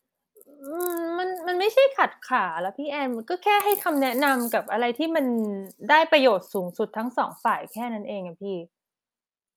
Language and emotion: Thai, frustrated